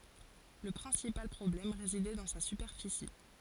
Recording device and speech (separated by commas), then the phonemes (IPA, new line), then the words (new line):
forehead accelerometer, read sentence
lə pʁɛ̃sipal pʁɔblɛm ʁezidɛ dɑ̃ sa sypɛʁfisi
Le principal problème résidait dans sa superficie.